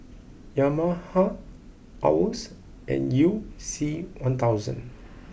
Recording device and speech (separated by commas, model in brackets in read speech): boundary microphone (BM630), read sentence